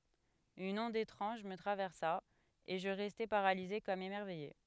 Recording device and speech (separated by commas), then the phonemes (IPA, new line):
headset microphone, read sentence
yn ɔ̃d etʁɑ̃ʒ mə tʁavɛʁsa e ʒə ʁɛstɛ paʁalize kɔm emɛʁvɛje